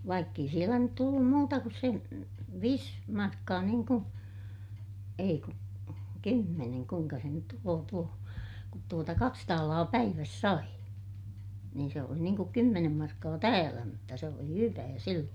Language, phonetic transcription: Finnish, vaikk ‿ei sielä nyt tullum muuta kus sen̬ , viis , markkaa niiŋ ku , ei ku , kymmeneŋ - kuiŋka se nyt tuloo tuo , kut tuota kaks taalaa päiväs sai , niin se oli niiŋ kuk kymmenem markkaa täälä mutta se oli hyvää silloon̬ .
- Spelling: vaikka ei siellä nyt tullut muuta kuin sen viisi markkaa niin kuin ei kun kymmenen kuinka se nyt tulee tuo kun tuota kaksi taalaa päivässä sai niin se oli niin kuin kymmenen markkaa täällä mutta se oli hyvää silloin

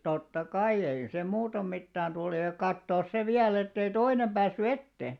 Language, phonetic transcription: Finnish, totta 'kaiʲ ‿ei se 'muutom 'mittään 'tul ja 'kattoos se 'viäl ‿ettei "toinem 'ʙäässy "ette .
- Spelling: totta kai ei se muuten mitään tullut ja katsoa se vielä että ei toinen päässyt eteen

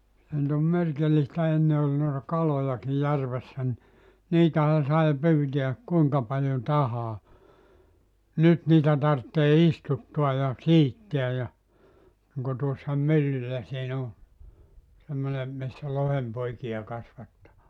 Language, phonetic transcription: Finnish, 'se nʸt ‿om 'merkillistä 'enne ol noita "kalojaki 'järvessä ‿n[iin] , 'niitähä sai 'pyytiäk 'kuiŋka paljo "tahaa , "nyt niitä 'tarttee "istuttua ja 'siittiä ja , 'niŋko tuossa "myllyllä 'siin ‿o , semmone , missä 'lohempoikija kas[vatetaan] ,.
- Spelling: se nyt on merkillistä ennen oli noita kalojakin järvessä niin niitähän sai pyytää kuinka paljon tahansa nyt niitä tarvitsee istuttaa ja siittää ja niin kuin tuossa myllyllä siinä on semmoinen missä lohenpoikia kasvatetaan

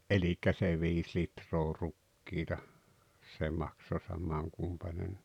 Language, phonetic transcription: Finnish, '’elik̆kä se 'viis 'litroo 'rukkiita , 'se makso 'samaŋ 'kumpanen(ɴɪɪ) .
- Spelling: eli se viisi litraa rukiita se maksoi saman kumpainenkin

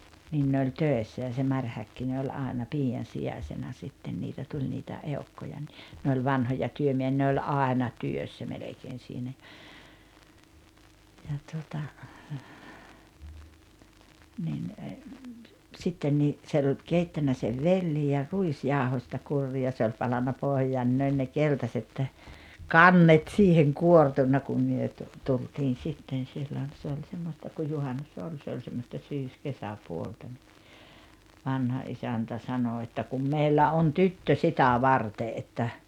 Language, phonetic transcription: Finnish, nin ne oĺ "töessä ja se 'Maŕ Häkkine oĺ 'àena "pii₍an̬ 'si₍asena 'sitten niitä 'tuĺ nitä , 'eu̬kkoja ni , ne oĺ 'vanhoja 'työmieʰⁱᵃ̈ ne oĺ "àena "työssä 'melekeen̬ siinä ᴊᴀ , ja tuota , nin , 'sitten nii , ᵗse oĺ 'keittännä sev "velli ja , "ruisjàohośta 'kurrii ja 'se oĺ 'palanna 'pohjaan ni 'ne ol ne "keltaset , "kannet siiheŋ "kuortunna kum 'myö 'tu- , 'tultiin̬ 'sitten̬ sillon̬ se oĺ 'semmosta kuj 'juhannus "oĺ se oĺ semmosta 'syyskesäpuolta ńi , 'vanha '’isäntä 'sanò että » kum "meillä 'on "tyttö "sitä "varte '’että ,.
- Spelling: niin ne oli töissä ja se Mari Häkkinen oli aina piian sijaisena sitten niitä tuli niitä eukkoja niin ne oli vanhoja työmiehiä ne oli aina työssä melkein siinä ja ja tuota niin sitten niin se oli keittänyt sen vellin ja ruisjauhosta kurria ja se oli palanut pohjaan niin ne oli ne keltaiset kannet siihen kuortuneet kun me - tultiin sitten silloin se oli semmoista kun juhannus oli se oli semmoista syyskesäpuolta niin vanha isäntä sanoi että kun meillä on tyttö sitä varten että

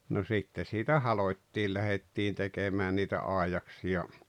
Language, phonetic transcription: Finnish, no 'sitte siitä "halot́t́iil 'lähet́t́iin tekemään niitä 'àijaksi₍a .
- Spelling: no sitten siitä halottiin lähdettiin tekemään niitä aidaksia

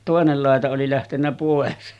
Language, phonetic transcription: Finnish, 'tòenel làeta oli lähtennä 'pòes .
- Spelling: toinen laita oli lähtenyt pois

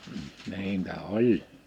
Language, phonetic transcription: Finnish, 'niin̬tä "oĺ .
- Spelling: niitä oli

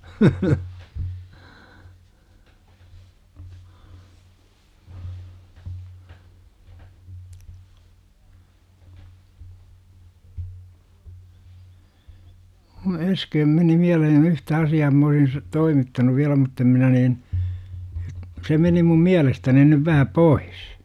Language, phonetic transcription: Finnish, (naurua) (k)u "äsköm meni 'miälehen "yhtä asi₍aa m ‿oisin sul̆lᵉt "toimittanuv̆ 'viälä mutt ‿em 'minä niin , se 'meni mum "miälestäni nyv vähä "pois .
- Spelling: - kun äsken meni mieleen yhtä asiaa minä olisin sinulle toimittanut vielä mutta en minä niin se meni minun mielestäni nyt vähän pois

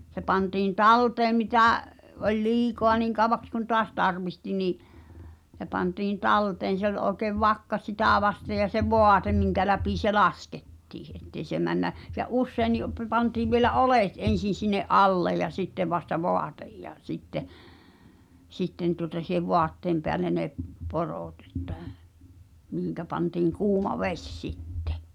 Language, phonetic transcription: Finnish, se pantiin "talteem mitä̀ , 'oĺ 'liikoa niiŋ kàw̆vaks kun 'toas 'tarvihti ni’ , h̳e pantiin "talteen̬ se ‿ol ’òkev "vakka 'sitä̀ vasteʲ ja se "voatem miŋkä läpi se "laskettii , ’ettei se männä , se "’usseini , pə- pantiiv vielä "’olèt 'en̬sin̬ sinne’ "’allej̆ ja 'sittev vasta "voatej ja 'sitte , 'sitten tuŏta si̳hev "voatteem peälle ne , 'poròtᵗ ‿ᴇttᴀ̈̀ , 'mihiŋkä panti̳ŋ 'kuuma "veś 'sittᴇ .
- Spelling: se pantiin talteen mitä oli liikaa niin kauaksi kuin taas tarvitsi niin se pantiin talteen se oli oikein vakka sitä vasten ja se vaate minkä läpi se laskettiin että ei se mene se useinkin - pantiin vielä oljet ensin sinne alle ja sitten vasta vaate ja sitten sitten tuota siihen vaatteen päälle ne porot että mihin pantiin kuuma vesi sitten

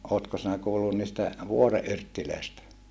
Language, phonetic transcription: Finnish, ootko sinä kuullun niistä , vuore ʼyrttilö̀istä ?
- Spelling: oletko sinä kuullut niistä vuoren yrteistä

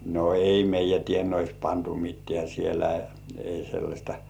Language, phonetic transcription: Finnish, 'no "ei 'meij̆jä tienois 'pantu "mit̆tĕä̀ sielä , 'ei sellaśta .
- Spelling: no ei meidän tienoissa pantu mitään siellä ei sellaista

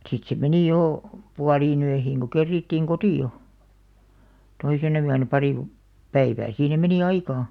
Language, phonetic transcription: Finnish, sit se 'meni jò , 'pualii'n ‿öihiiŋ ko 'kerrìttiiŋ "koti₍o , 'toisena yänä 'parì (kolp) , 'päivää siihem̆§ meni 'aikaa .
- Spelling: sitten se meni jo puoleen yöhön kun kerittiin kotiin toisena yönä pari kolme päivää siihen meni aikaa

